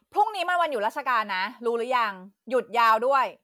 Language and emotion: Thai, angry